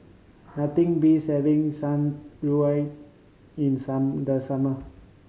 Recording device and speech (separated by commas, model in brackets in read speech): mobile phone (Samsung C5010), read sentence